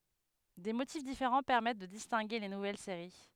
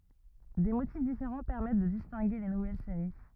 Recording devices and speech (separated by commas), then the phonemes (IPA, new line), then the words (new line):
headset microphone, rigid in-ear microphone, read sentence
de motif difeʁɑ̃ pɛʁmɛt də distɛ̃ɡe le nuvɛl seʁi
Des motifs différents permettent de distinguer les nouvelles séries.